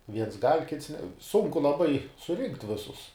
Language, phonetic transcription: Lithuanian, ˈviens gal' ˈkits ne ˈsunku laˈbai suˈrinkt' ˈvisus

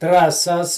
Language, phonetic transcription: Lithuanian, traˈsas

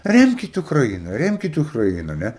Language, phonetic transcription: Lithuanian, ˈremkit ukraˈina ˈremkit ukraˈiną ˈne

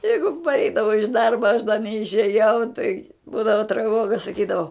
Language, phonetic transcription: Lithuanian, ˈjeigu parˈeidavo iš ˈdarba aš da neišėˈjau tai ˈbūdavo traˈvoga saˈkydavo

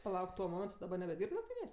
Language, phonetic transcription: Lithuanian, paˈlauk tuo ˈmomentu daˈbar nebeˈdyrb nakˈtynės'

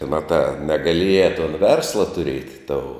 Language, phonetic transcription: Lithuanian, ˈmatā negaˈlieja ton ˈversla tuˈriet' tou

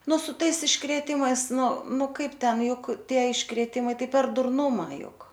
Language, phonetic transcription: Lithuanian, ˈnu su ˈtais iškrėˈtimais ˈnu ˈnu ˈkaip ˈten ˈjuk ˈtie iškrėˈtimai ˈtai per durˈnuma ˈjuk

